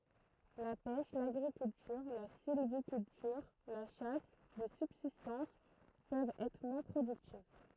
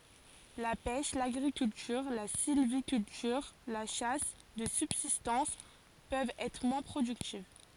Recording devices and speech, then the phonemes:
throat microphone, forehead accelerometer, read sentence
la pɛʃ laɡʁikyltyʁ la silvikyltyʁ la ʃas də sybzistɑ̃s pøvt ɛtʁ mwɛ̃ pʁodyktiv

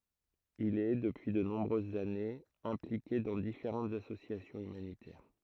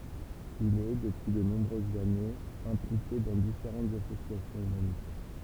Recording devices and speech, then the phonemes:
throat microphone, temple vibration pickup, read sentence
il ɛ dəpyi də nɔ̃bʁøzz anez ɛ̃plike dɑ̃ difeʁɑ̃tz asosjasjɔ̃z ymanitɛʁ

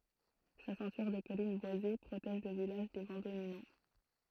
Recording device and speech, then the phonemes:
throat microphone, read sentence
sa sɛ̃tyʁ də kɔlin bwaze pʁotɛʒ lə vilaʒ de vɑ̃ dominɑ̃

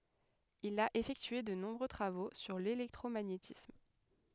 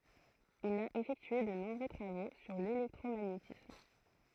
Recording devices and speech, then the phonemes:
headset microphone, throat microphone, read sentence
il a efɛktye də nɔ̃bʁø tʁavo syʁ lelɛktʁomaɲetism

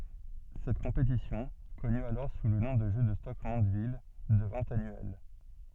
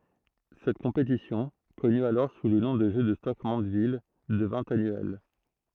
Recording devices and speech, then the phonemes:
soft in-ear microphone, throat microphone, read sentence
sɛt kɔ̃petisjɔ̃ kɔny alɔʁ su lə nɔ̃ də ʒø də stok mɑ̃dvil dəvɛ̃ anyɛl

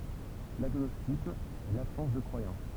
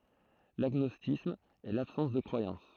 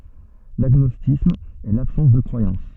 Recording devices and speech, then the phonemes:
temple vibration pickup, throat microphone, soft in-ear microphone, read sentence
laɡnɔstisism ɛ labsɑ̃s də kʁwajɑ̃s

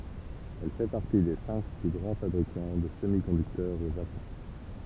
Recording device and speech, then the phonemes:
temple vibration pickup, read sentence
ɛl fɛ paʁti de sɛ̃k ply ɡʁɑ̃ fabʁikɑ̃ də səmikɔ̃dyktœʁz o ʒapɔ̃

